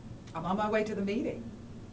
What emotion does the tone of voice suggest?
neutral